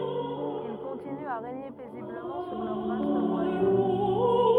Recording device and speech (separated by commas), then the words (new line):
rigid in-ear microphone, read sentence
Ils continuent à régner paisiblement sur leur vaste royaume.